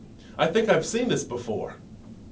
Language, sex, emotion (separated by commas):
English, male, neutral